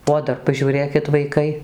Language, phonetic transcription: Lithuanian, o ˈdar pažiūˈrėkit vaiˈkai

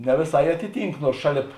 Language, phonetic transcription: Lithuanian, ne vėˈsai ˈatiˌtynk ˈnuors ˈšaˌlėp

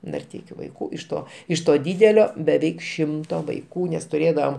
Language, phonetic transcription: Lithuanian, narˈteikiu vaiˈkų iš ˈto iš to ˈdydelio beˈveik ˈšimto vaiˈkų nes tuˈrėdavam

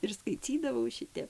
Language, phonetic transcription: Lithuanian, ir skaiˈcydavau ˈšitep

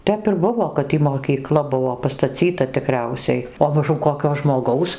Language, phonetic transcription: Lithuanian, ˈtep ir ˈbuvo kad ˈtį mokyˈkla ˈbuvo pastaˈcyta tiˈkriausiai o maˈžum koˈkio žmoˈgaus

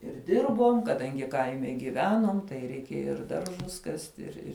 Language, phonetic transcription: Lithuanian, ir ˈdirbom kaˈdangi ˈkaime giˈvenuom tai reiˈkėja ir ˈdaržus ˈkasti ir ˈir

